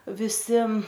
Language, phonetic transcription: Lithuanian, viˈsi

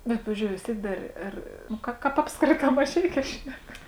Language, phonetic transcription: Lithuanian, bet ˈpavizdžiou vis ˈtiek ˈdar ˈar nu ˈka ˈkāp ˈapskrėtā maˈžeikē ˈšnek

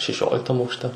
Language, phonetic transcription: Lithuanian, šeˈšioliktam aukšˈte

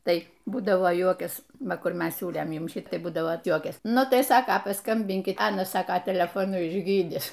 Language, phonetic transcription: Lithuanian, ˈtai ˈbūdavo ˈjuokias ˈva ˈkur ˈmes ˈsiūlėm ˈjum ˈšit ˈbūdavo ˈjuokiasi ˈnu ˈtai ˈsaka paˈskambinkit ˈanas ˈsaka telefoˈnu išˈgydis

